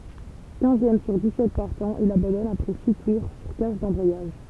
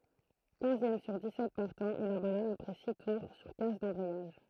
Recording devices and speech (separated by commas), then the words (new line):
temple vibration pickup, throat microphone, read sentence
Quinzième sur dix-sept partants, il abandonne après six tours sur casse d'embrayage.